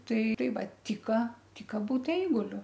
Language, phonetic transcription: Lithuanian, ˈtai ˈtai ˈva ˈtika ˈtika ˈbūt ˈeiguliu

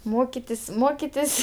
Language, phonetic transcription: Lithuanian, ˈmokitis' ˈmokitis'

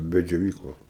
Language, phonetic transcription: Lithuanian, be džioˈvyklos

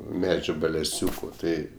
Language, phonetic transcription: Lithuanian, ˈmedžiu beleˈsiūku ˈtai

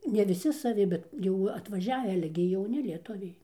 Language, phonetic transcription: Lithuanian, ne viˈsi saˈvi ˈbet jau atvaˈžiavi ˈale gi jauˈni lieˈtuviai

